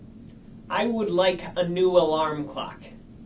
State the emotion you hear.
neutral